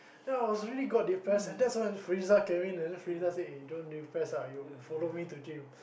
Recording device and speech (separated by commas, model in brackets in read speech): boundary microphone, conversation in the same room